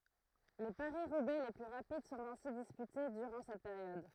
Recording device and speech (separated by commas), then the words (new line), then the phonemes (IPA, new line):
throat microphone, read sentence
Les Paris-Roubaix les plus rapides sont ainsi disputés durant cette période.
le paʁisʁubɛ le ply ʁapid sɔ̃t ɛ̃si dispyte dyʁɑ̃ sɛt peʁjɔd